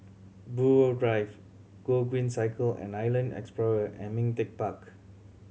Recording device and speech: mobile phone (Samsung C7100), read sentence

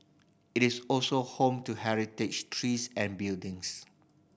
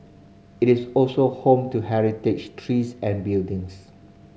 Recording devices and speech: boundary microphone (BM630), mobile phone (Samsung C5010), read sentence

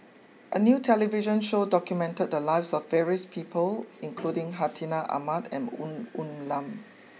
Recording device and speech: mobile phone (iPhone 6), read sentence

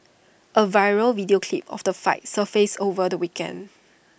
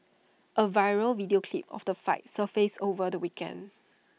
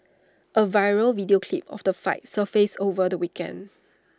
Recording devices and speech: boundary microphone (BM630), mobile phone (iPhone 6), standing microphone (AKG C214), read sentence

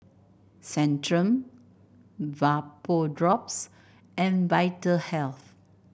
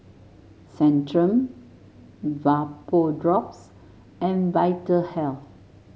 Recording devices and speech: boundary microphone (BM630), mobile phone (Samsung S8), read sentence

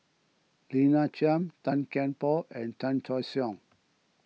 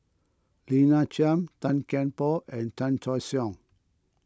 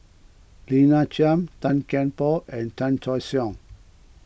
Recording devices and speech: mobile phone (iPhone 6), close-talking microphone (WH20), boundary microphone (BM630), read sentence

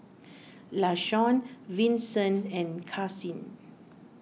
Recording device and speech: mobile phone (iPhone 6), read sentence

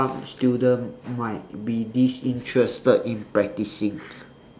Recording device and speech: standing microphone, conversation in separate rooms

